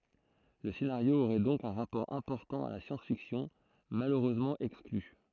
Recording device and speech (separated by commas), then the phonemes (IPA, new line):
throat microphone, read sentence
lə senaʁjo oʁɛ dɔ̃k œ̃ ʁapɔʁ ɛ̃pɔʁtɑ̃ a la sjɑ̃s fiksjɔ̃ maløʁøzmɑ̃ ɛkskly